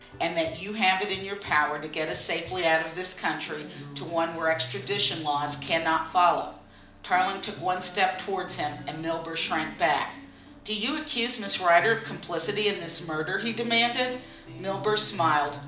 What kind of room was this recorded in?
A moderately sized room.